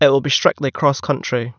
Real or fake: real